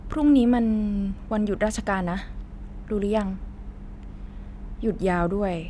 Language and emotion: Thai, frustrated